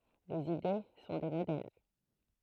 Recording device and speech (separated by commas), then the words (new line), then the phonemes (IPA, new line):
throat microphone, read sentence
Les idées sont des modèles.
lez ide sɔ̃ de modɛl